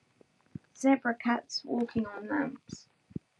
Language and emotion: English, sad